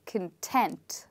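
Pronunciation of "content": In 'content', the stress falls on the second syllable, and the first syllable is much softer.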